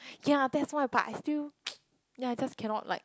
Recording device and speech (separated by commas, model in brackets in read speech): close-talking microphone, conversation in the same room